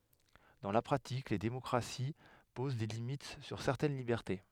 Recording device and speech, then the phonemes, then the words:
headset microphone, read sentence
dɑ̃ la pʁatik le demɔkʁasi poz de limit syʁ sɛʁtɛn libɛʁte
Dans la pratique, les démocraties posent des limites sur certaines libertés.

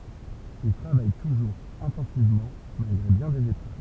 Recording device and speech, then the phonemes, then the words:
temple vibration pickup, read sentence
il tʁavaj tuʒuʁz ɛ̃tɑ̃sivmɑ̃ malɡʁe bjɛ̃ dez epʁøv
Il travaille toujours intensivement, malgré bien des épreuves.

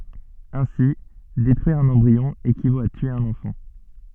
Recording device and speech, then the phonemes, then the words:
soft in-ear microphone, read sentence
ɛ̃si detʁyiʁ œ̃n ɑ̃bʁiɔ̃ ekivot a tye œ̃n ɑ̃fɑ̃
Ainsi, détruire un embryon équivaut à tuer un enfant.

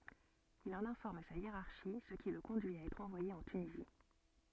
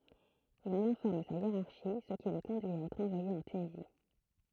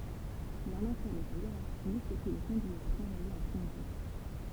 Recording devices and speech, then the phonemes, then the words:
soft in-ear microphone, throat microphone, temple vibration pickup, read sentence
il ɑ̃n ɛ̃fɔʁm sa jeʁaʁʃi sə ki lə kɔ̃dyi a ɛtʁ ɑ̃vwaje ɑ̃ tynizi
Il en informe sa hiérarchie, ce qui le conduit à être envoyé en Tunisie.

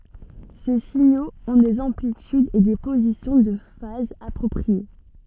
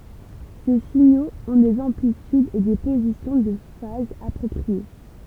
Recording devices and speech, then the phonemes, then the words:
soft in-ear microphone, temple vibration pickup, read sentence
se siɲoz ɔ̃ dez ɑ̃plitydz e de pozisjɔ̃ də faz apʁɔpʁie
Ces signaux ont des amplitudes et des positions de phase appropriées.

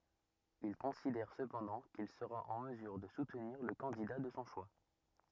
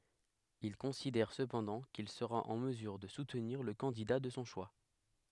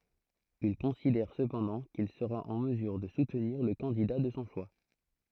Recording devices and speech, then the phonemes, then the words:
rigid in-ear microphone, headset microphone, throat microphone, read sentence
il kɔ̃sidɛʁ səpɑ̃dɑ̃ kil səʁa ɑ̃ məzyʁ də sutniʁ lə kɑ̃dida də sɔ̃ ʃwa
Il considère cependant qu'il sera en mesure de soutenir le candidat de son choix.

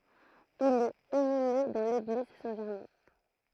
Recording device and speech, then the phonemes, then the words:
throat microphone, read sentence
il ɛt inyme dɑ̃ leɡliz sɛ̃ ʒɛʁmɛ̃
Il est inhumé dans l'église Saint-Germain.

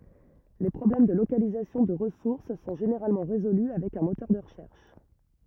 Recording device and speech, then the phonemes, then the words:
rigid in-ear microphone, read sentence
le pʁɔblɛm də lokalizasjɔ̃ də ʁəsuʁs sɔ̃ ʒeneʁalmɑ̃ ʁezoly avɛk œ̃ motœʁ də ʁəʃɛʁʃ
Les problèmes de localisation de ressource sont généralement résolus avec un moteur de recherche.

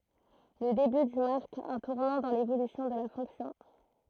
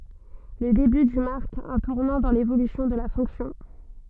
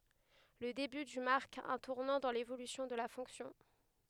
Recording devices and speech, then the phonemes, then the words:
throat microphone, soft in-ear microphone, headset microphone, read sentence
lə deby dy maʁk œ̃ tuʁnɑ̃ dɑ̃ levolysjɔ̃ də la fɔ̃ksjɔ̃
Le début du marque un tournant dans l'évolution de la fonction.

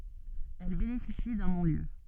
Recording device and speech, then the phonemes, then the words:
soft in-ear microphone, read sentence
ɛl benefisi dœ̃ nɔ̃ljø
Elle bénéficie d'un non-lieu.

